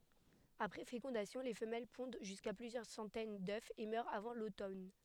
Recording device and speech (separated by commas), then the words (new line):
headset microphone, read sentence
Après fécondation, les femelles pondent jusqu'à plusieurs centaines d'œufs et meurent avant l'automne.